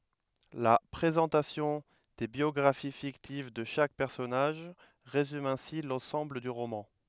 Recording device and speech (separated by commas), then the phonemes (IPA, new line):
headset microphone, read sentence
la pʁezɑ̃tasjɔ̃ de bjɔɡʁafi fiktiv də ʃak pɛʁsɔnaʒ ʁezym ɛ̃si lɑ̃sɑ̃bl dy ʁomɑ̃